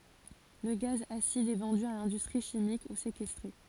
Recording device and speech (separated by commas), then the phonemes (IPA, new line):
forehead accelerometer, read sentence
lə ɡaz asid ɛ vɑ̃dy a lɛ̃dystʁi ʃimik u sekɛstʁe